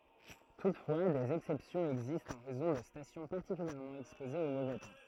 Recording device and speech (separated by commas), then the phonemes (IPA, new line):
throat microphone, read sentence
tutfwa dez ɛksɛpsjɔ̃z ɛɡzistt ɑ̃ ʁɛzɔ̃ də stasjɔ̃ paʁtikyljɛʁmɑ̃ ɛkspozez o movɛ tɑ̃